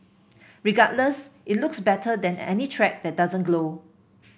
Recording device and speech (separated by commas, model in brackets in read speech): boundary microphone (BM630), read sentence